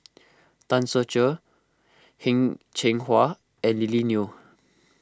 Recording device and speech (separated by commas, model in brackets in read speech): close-talking microphone (WH20), read sentence